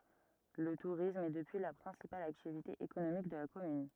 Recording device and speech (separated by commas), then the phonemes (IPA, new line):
rigid in-ear microphone, read sentence
lə tuʁism ɛ dəpyi la pʁɛ̃sipal aktivite ekonomik də la kɔmyn